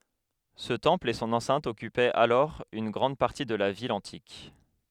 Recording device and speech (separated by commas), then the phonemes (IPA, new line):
headset microphone, read sentence
sə tɑ̃pl e sɔ̃n ɑ̃sɛ̃t ɔkypɛt alɔʁ yn ɡʁɑ̃d paʁti də la vil ɑ̃tik